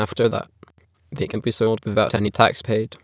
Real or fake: fake